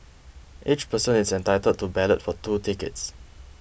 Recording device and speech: boundary microphone (BM630), read sentence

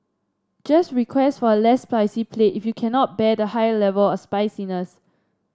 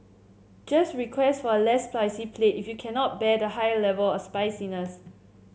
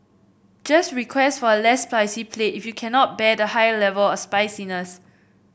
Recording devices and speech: standing microphone (AKG C214), mobile phone (Samsung C7), boundary microphone (BM630), read sentence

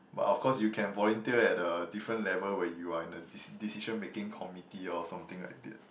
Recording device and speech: boundary microphone, conversation in the same room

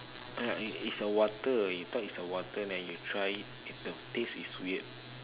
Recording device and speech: telephone, conversation in separate rooms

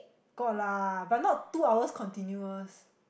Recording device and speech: boundary microphone, conversation in the same room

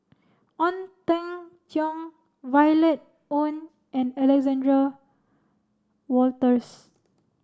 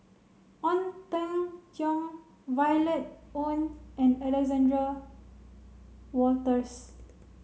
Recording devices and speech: standing microphone (AKG C214), mobile phone (Samsung C7), read sentence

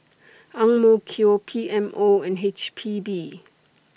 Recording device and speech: boundary microphone (BM630), read sentence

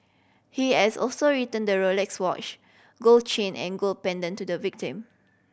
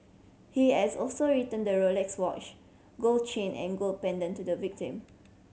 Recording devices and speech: boundary microphone (BM630), mobile phone (Samsung C7100), read sentence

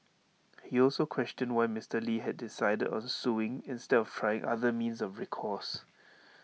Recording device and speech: mobile phone (iPhone 6), read sentence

